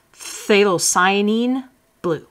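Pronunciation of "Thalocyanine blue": The beginning of 'phthalocyanine' is a bit exaggerated: an f sound goes right into the th sound.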